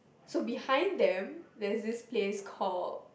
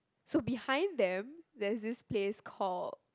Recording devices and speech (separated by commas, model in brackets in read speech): boundary microphone, close-talking microphone, conversation in the same room